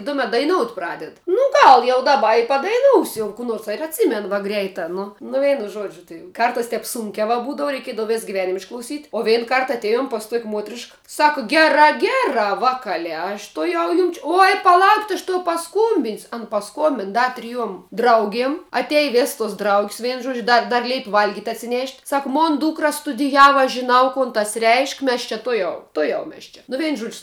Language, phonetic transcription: Lithuanian, ˈtumet daiˈnout' ˈpraded nu ˈgal jau daˈba i padaiˈnūsiu jau kų ˈnors va ir atˈsymen va ˈgreitā ˈnu nu ˈveinu ˈžuodžiu tai ˈkartas ˈtep ˈsūnkia va ˈbūdava reiˈkėdav ˈvės giˈvenim išklauˈsyt' o ˈvein ˈkart atˈėjom pas tuok' ˈmuotrišk ˈsaka ˈgerā ˈgerā ˈvakalē aš tuoˈjau ˈjum či oj paˈlaukit' aš toˈjau paˈskūmbin's' an paˈskuombin ˈda triˈjuom ˈdraugiem atˈej ˈves tos draug's' ˈvien ˈžuodž ˈda dar ˈleipi ˈvalgit' atsiˈnėšt' ˈsaka ˈmon ˈdūkra stuˈdijava žiˈnau ˈkun tas reišk' ˈmes čia ˈtujau ˈtujau ˈmes čia nu ˈvein žuodž'

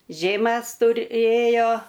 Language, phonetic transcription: Lithuanian, ˈžėmæs tuˈrėjo

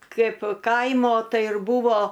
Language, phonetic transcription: Lithuanian, ˈkaip ˈkaimo ˈtai ir ˈbūvo

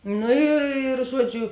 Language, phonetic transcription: Lithuanian, ˈnu ir ir ˈžuoˌdžiu

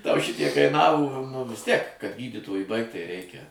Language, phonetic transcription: Lithuanian, tau ˈšitiek kaiˈnavo nu vis ˈtiek kad ˈgydytoju ˈbaigt tai ˈreikia

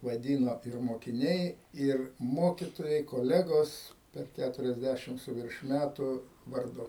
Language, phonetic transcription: Lithuanian, vaˈdyno ir mokiˈniai ir ˈmokitojai koˈlegos per ˌkæturiasˈdæšim su ˈvirš ˈmætu varˈdu

